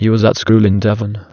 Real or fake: fake